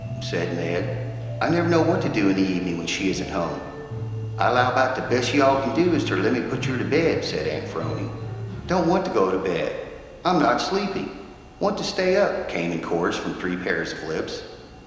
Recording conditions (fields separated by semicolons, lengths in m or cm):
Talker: one person; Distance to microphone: 1.7 m; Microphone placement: close; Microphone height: 1.0 m; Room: very reverberant, large; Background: music